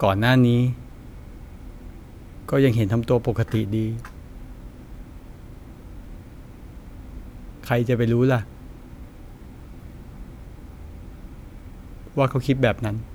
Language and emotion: Thai, sad